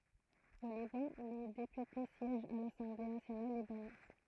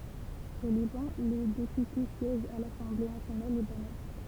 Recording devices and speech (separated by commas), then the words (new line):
throat microphone, temple vibration pickup, read sentence
Au Liban, les députés siègent à l'Assemblée nationale libanaise.